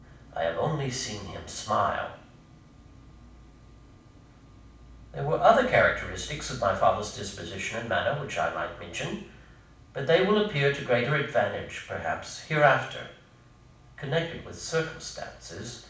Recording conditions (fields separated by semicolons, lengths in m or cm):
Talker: one person; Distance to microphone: 5.8 m; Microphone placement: far; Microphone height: 1.8 m; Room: medium-sized (5.7 m by 4.0 m); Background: none